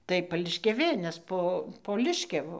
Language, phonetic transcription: Lithuanian, tai pališkiaˈvė nes ˈpo po ˈliškiavu

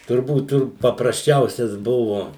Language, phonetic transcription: Lithuanian, turˈbūt ˈtur paprasˈčiausias ˈbuvu

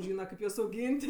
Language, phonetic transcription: Lithuanian, ˈžyna ˈkaip juos auˈgyn't'

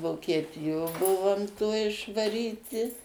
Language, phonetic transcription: Lithuanian, vokieˈtijo ˈbuvom toj išvaˈryti

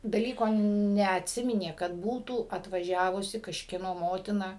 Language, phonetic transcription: Lithuanian, daˈlyko neatˈsiminė kad ˈbūtų atvaˈžiavusi kažkieˈno ˈmotina

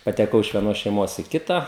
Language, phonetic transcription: Lithuanian, pateˈkau iš vieˈnos šeiˈmos į ˈkita

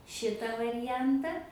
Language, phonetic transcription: Lithuanian, ˈšita variˈjanta

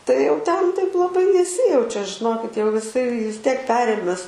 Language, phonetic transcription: Lithuanian, tai jau ˈten taip laˈbai neˈsijaučia žiˈnokit jau jiˈsai vis ˈtiek ˈperėmes

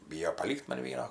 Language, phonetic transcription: Lithuanian, ˈbyjo paˈlykt ˈman ˈvieno

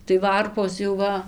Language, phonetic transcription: Lithuanian, tai ˈvarpos jau ˈva

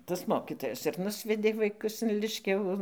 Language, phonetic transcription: Lithuanian, tas ˈmokitojas ir ˈnusvedė vaiˈkus in ˈliškiavu

